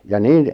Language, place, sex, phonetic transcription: Finnish, Lappajärvi, male, ja 'niin ,.
- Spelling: ja niin

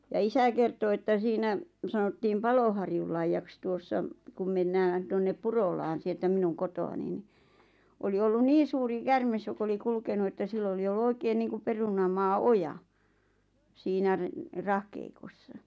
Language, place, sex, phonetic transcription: Finnish, Lappajärvi, female, ja 'isä kerto että 'siinä , sanottiim "Paloharjullaijjaks 'tuossa , kum mennään 'tonnep "Purolaan sieltä 'minun 'koto₍ani ni , 'oli ollun "niin̬ suuri "kärmes jok ‿oli 'kulkenu että 'sill ‿oli ollu 'oikeen niiŋkup 'perunamaa "’oja , siinä re- , "rahkeikossa .
- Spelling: ja isä kertoi että siinä sanottiin Paloharjunlaidaksi tuossa kun mennään tuonne Purolaan sieltä minun kotoani niin oli ollut niin suuri käärme joka oli kulkenut että sillä oli ollut oikein niin kuin perunamaa oja siinä - rahkeikossa

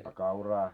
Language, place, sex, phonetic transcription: Finnish, Moloskovitsa, male, a kauraa ?
- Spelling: a kauraa

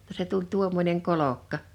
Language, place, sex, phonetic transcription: Finnish, Liperi, female, [jot]ta se tuĺ 'tuommoneŋ 'kolokka .
- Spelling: jotta se tuli tuommoinen kolkka

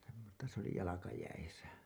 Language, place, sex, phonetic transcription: Finnish, Hailuoto, male, semmosta se ‿oli "jalakajäisä .
- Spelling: semmoista se oli jalkajäissä

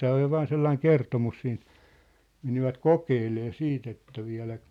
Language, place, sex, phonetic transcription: Finnish, Sippola, male, 'tää oj ja 'vaan sellaiŋ "kertomus siin(t) , 'menivät "kokeelee "siit ‿että viä̭läk ,.
- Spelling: tämä on ja vain sellainen kertomus siitä menivät kokeilemaan sitten että vieläkö

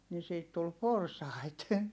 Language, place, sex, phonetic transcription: Finnish, Heinola, female, ni siit tul porsàit .
- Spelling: niin siitä tuli porsaita

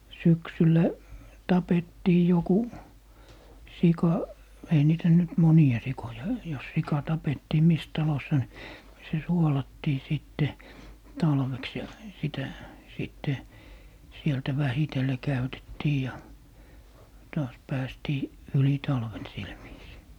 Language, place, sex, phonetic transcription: Finnish, Lappee, male, 'syksyllä , 'tapettii 'joku , "sika , ei niitä nyt "moni₍a 'sikoja , jos 'sika 'tapettii 'mis talos̀a ni , se "suolattii 'sìtte , "talveks ja , 'sitä , 'sìtte , 'sieltä "vähitelle 'käytettii ja 'taas 'päästii , "yli 'talven 'sil viisii .
- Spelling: syksyllä tapettiin joku sika ei niitä nyt monia sikoja jos sika tapettiin missä talossa niin se suolattiin sitten talveksi ja sitä sitten sieltä vähitellen käytettiin ja taas päästiin yli talven sillä viisiin

